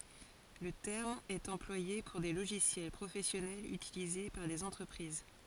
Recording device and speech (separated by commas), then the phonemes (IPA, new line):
forehead accelerometer, read sentence
lə tɛʁm ɛt ɑ̃plwaje puʁ de loʒisjɛl pʁofɛsjɔnɛlz ytilize paʁ dez ɑ̃tʁəpʁiz